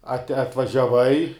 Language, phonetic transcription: Lithuanian, at' atvažiaˈvai

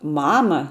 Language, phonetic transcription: Lithuanian, ˈmama

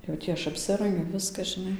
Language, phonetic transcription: Lithuanian, jau ˈtį aš apˈsirangiu ˈviska žiˈnai

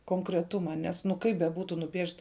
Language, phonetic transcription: Lithuanian, konkreˈtuma ˈnes nu ˈkaip beˈbūtu nuˈpiešt

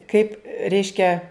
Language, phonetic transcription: Lithuanian, kaip ˈreiškia

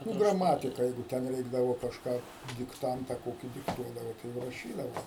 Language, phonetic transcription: Lithuanian, nu graˈmatika ˈjeigu ˈten ˈreikdavo kažˈką dikˈtanta ˈkokį dikˈtuodavo tai ˈjau raˈšydavo

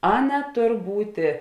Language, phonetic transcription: Lithuanian, ˈaˌna ˈtor ˈbūtė

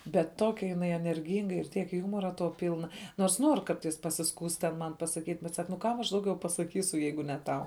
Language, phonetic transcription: Lithuanian, bet ˈtokia jiˈnai enerˈgynga ir ˈtiek ˈjūmora to ˈpylna nors ˈnuor ˈkartais pasiˈskųst ten ˈman pasaˈkyt' bet sak nu ˈkam aš ˈdauˌgiau pasaˈkysu ˈjeigu ne ˈtau

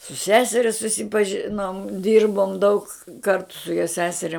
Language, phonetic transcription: Lithuanian, su ˈseseria susipaˈžinom ˈdyrbom daug ˈkartu jo ˈseseria

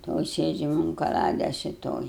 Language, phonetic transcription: Lithuanian, ˈtoj ˈsėdžiam un kaˈlades i ˈtoj

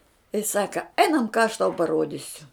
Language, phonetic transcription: Lithuanian, jis ˈsaka ˈeinam ką aš tau paˈruodisiu

